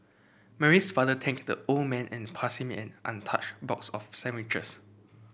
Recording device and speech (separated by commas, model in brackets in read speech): boundary microphone (BM630), read sentence